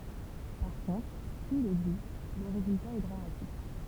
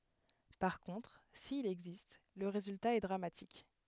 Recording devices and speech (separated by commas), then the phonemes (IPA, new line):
temple vibration pickup, headset microphone, read sentence
paʁ kɔ̃tʁ sil ɛɡzist lə ʁezylta ɛ dʁamatik